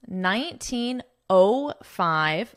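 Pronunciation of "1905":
In '1905', the zero is pronounced as 'O', not as 'zero'.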